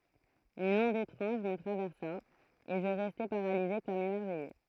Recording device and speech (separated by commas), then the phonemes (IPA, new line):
throat microphone, read sentence
yn ɔ̃d etʁɑ̃ʒ mə tʁavɛʁsa e ʒə ʁɛstɛ paʁalize kɔm emɛʁvɛje